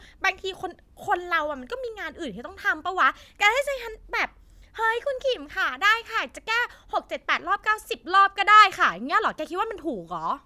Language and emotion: Thai, frustrated